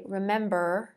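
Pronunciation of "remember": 'Remember' is said the American English way, ending in an er sound rather than an uh sound.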